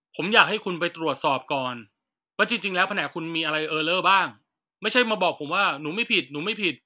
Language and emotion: Thai, angry